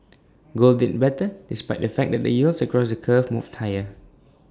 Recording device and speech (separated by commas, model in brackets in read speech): standing microphone (AKG C214), read sentence